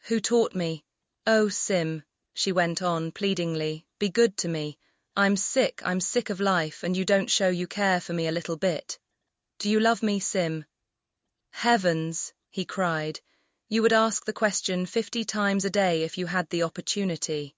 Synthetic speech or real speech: synthetic